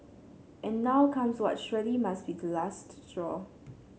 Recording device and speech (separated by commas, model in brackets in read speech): mobile phone (Samsung C7), read sentence